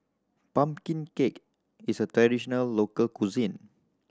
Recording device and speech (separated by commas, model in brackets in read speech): standing microphone (AKG C214), read sentence